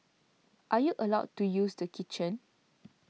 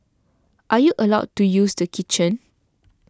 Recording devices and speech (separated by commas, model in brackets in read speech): mobile phone (iPhone 6), standing microphone (AKG C214), read sentence